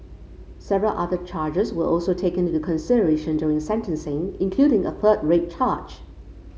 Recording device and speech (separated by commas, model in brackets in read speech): mobile phone (Samsung C5), read sentence